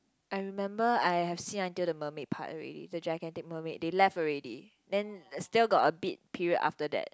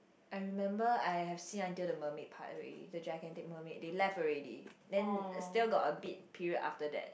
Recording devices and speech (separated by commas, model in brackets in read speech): close-talking microphone, boundary microphone, conversation in the same room